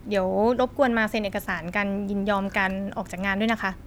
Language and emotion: Thai, neutral